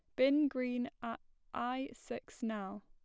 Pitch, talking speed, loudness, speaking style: 245 Hz, 135 wpm, -38 LUFS, plain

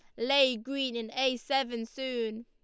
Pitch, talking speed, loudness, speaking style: 255 Hz, 160 wpm, -30 LUFS, Lombard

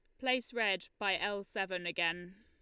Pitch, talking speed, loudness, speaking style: 195 Hz, 165 wpm, -35 LUFS, Lombard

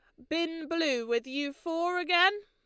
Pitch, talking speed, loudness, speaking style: 330 Hz, 170 wpm, -29 LUFS, Lombard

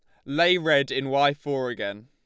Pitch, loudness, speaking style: 140 Hz, -24 LUFS, Lombard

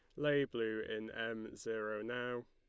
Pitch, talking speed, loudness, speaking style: 115 Hz, 155 wpm, -40 LUFS, Lombard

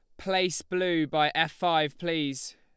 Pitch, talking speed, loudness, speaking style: 160 Hz, 155 wpm, -27 LUFS, Lombard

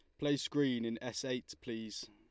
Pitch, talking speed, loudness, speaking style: 125 Hz, 190 wpm, -38 LUFS, Lombard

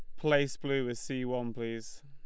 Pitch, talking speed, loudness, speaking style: 130 Hz, 195 wpm, -33 LUFS, Lombard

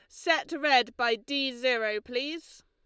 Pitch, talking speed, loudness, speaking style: 255 Hz, 145 wpm, -28 LUFS, Lombard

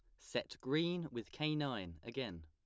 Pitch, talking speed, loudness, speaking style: 130 Hz, 160 wpm, -41 LUFS, plain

